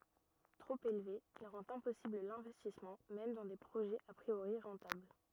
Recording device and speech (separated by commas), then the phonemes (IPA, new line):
rigid in-ear microphone, read sentence
tʁop elve il ʁɑ̃t ɛ̃pɔsibl lɛ̃vɛstismɑ̃ mɛm dɑ̃ de pʁoʒɛz a pʁioʁi ʁɑ̃tabl